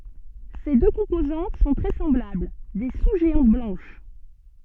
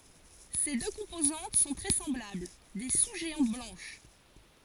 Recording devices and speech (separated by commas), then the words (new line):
soft in-ear microphone, forehead accelerometer, read sentence
Ses deux composantes sont très semblables, des sous-géantes blanches.